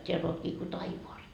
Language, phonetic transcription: Finnish, t́eäll ‿ootkii ko "taivoas .
- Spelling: täällä oletkin kuin taivaassa

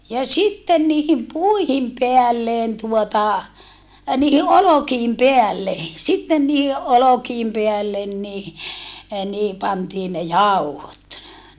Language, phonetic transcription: Finnish, ja sitten niihim puihim peällen tuota , niihi ʼolokiim peälle , sitten niihi ʼolokiim peällen ni , niihi pantii ne jauhot .
- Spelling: ja sitten niiden puiden päälle tuota niiden olkien päälle sitten niiden olkien päälle niin niihin pantiin ne jauhot

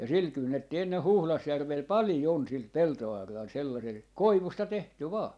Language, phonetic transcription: Finnish, ja "sil 'kynnetti enne 'Huhlasjärvel "palⁱjon 'sil "pelto₍arral 'sellasel , "koivusta 'tehty 'vaa .
- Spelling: ja sillä kynnettiin ennen Huhdasjärvellä paljon sillä peltoauralla sellaisella koivusta tehty vain

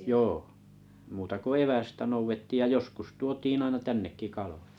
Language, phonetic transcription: Finnish, jo , muuta ko "evästä 'nouvettiij ja 'joskus tuotiin'n ‿aina 'tännekki 'kalᴏᴊᴀ .
- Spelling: joo muuta kuin evästä noudettiin ja joskus tuotiin aina tännekin kaloja

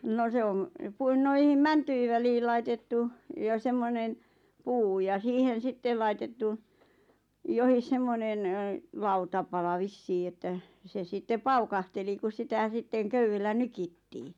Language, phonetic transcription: Finnish, no 'se om , 'puin- noihim "mäntyi välii 'laitettu , ja 'semmonen , "puu ja 'siihen̬ 'sittel laitettu , 'johis 'semmonen , 'lautapala "vissii että , 'se sitte "paukahteli kus 'sitä sitteŋ "köywellä "nykittii .
- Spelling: no se on - noihin mäntyjen väliin laitettu ja semmoinen puu ja siihen sitten laitettu johon semmoinen lautapala vissiin että se sitten paukahteli kun sitä sitten köydellä nyittiin

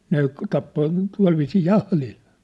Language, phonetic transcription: Finnish, ne , tappo , 'tua̭lviisii "jahlil .
- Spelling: ne tappoi tuolla viisiin jahdilla

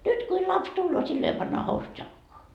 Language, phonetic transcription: Finnish, 'nyt kuil 'laps 'tulloo sillo jo pannaa 'housut jalkoa .
- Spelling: nyt kun lapsi tulee silloin jo pannaan housut jalkaan

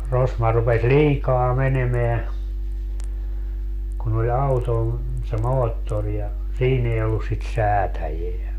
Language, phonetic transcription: Finnish, 'rosma rupes "liikaa 'menemeä , kun ‿oĺ "auton , se "moottor ja , "siin ‿ei ollus sit "säätäjeä .
- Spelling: rosma rupesi liikaa menemään kun oli auton se moottori ja siinä ei ollut sitä säätäjää

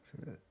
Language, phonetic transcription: Finnish, se .
- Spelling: se

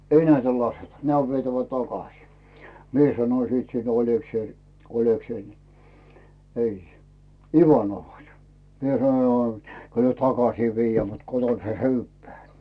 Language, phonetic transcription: Finnish, » "ei näitä 'laseta , 'nämä ov vietävä "takasì « "mie sanoⁱ siit siin 'Oĺekseil , 'Oĺekseil ni , ei , "Ivanovha se o , mie sano no , » kyl myö "takasii 'vijjää mut "koton he "hyvvää « .
- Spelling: ei näitä lasketa nämä on vietävä takaisin minä sanon sitten siinä Olekseille Olekseille niin ei Ivanovhan se on minä sanoin no kyllä me takaisin viedään mutta kotona se syödään

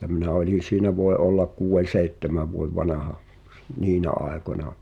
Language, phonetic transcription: Finnish, [et]tä minä 'oĺin̬ siinä voe '’ollak 'kuuwen̬ "seittemäv vuev 'vanaha , "niinä 'aekoǹa .
- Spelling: että minä olin siinä voi olla kuuden seitsemän vuoden vanha niinä aikoina

